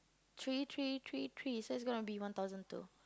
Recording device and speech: close-talking microphone, conversation in the same room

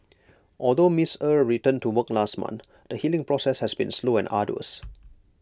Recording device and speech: close-talking microphone (WH20), read sentence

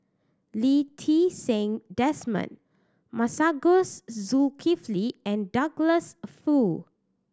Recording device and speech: standing microphone (AKG C214), read sentence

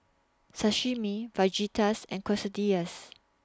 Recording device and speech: standing microphone (AKG C214), read sentence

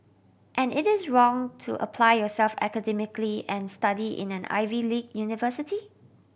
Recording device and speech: boundary microphone (BM630), read sentence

